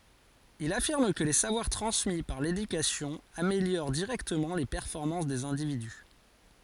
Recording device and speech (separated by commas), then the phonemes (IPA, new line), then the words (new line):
forehead accelerometer, read sentence
il afiʁm kə le savwaʁ tʁɑ̃smi paʁ ledykasjɔ̃ ameljoʁ diʁɛktəmɑ̃ le pɛʁfɔʁmɑ̃s dez ɛ̃dividy
Il affirme que les savoir transmis par l'éducation améliorent directement les performances des individus.